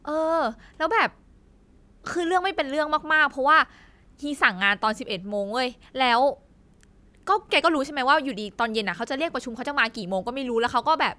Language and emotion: Thai, frustrated